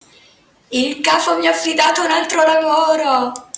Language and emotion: Italian, happy